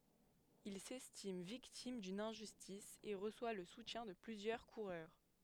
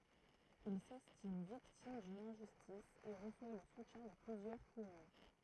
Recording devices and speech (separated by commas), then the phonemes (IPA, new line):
headset microphone, throat microphone, read sentence
il sɛstim viktim dyn ɛ̃ʒystis e ʁəswa lə sutjɛ̃ də plyzjœʁ kuʁœʁ